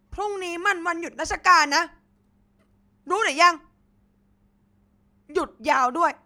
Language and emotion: Thai, angry